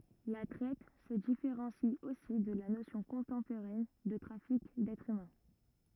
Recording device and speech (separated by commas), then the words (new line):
rigid in-ear microphone, read sentence
La traite se différencie aussi de la notion contemporaine de trafic d'êtres humains.